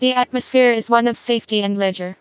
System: TTS, vocoder